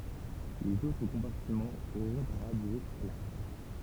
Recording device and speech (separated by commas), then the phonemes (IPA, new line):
temple vibration pickup, read sentence
lez otʁ kɔ̃paʁtimɑ̃z oʁɔ̃t œ̃ ʁadje pla